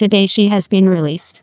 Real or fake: fake